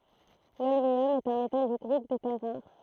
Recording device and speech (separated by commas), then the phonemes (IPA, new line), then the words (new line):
throat microphone, read sentence
lɔlmjɔm ɛt œ̃ metal dy ɡʁup de tɛʁ ʁaʁ
L'holmium est un métal du groupe des terres rares.